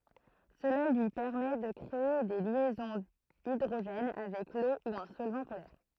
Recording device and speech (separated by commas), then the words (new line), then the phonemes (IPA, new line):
throat microphone, read sentence
Cela lui permet de créer des liaisons hydrogène avec l'eau ou un solvant polaire.
səla lyi pɛʁmɛ də kʁee de ljɛzɔ̃z idʁoʒɛn avɛk lo u œ̃ sɔlvɑ̃ polɛʁ